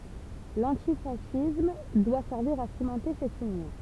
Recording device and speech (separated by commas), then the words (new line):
temple vibration pickup, read sentence
L'antifascisme doit servir à cimenter cette union.